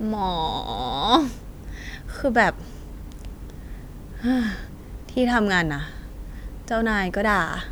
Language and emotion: Thai, frustrated